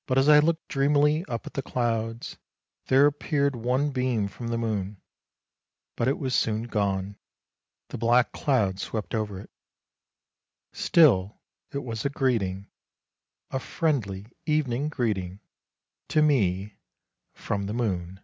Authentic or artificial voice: authentic